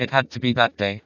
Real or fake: fake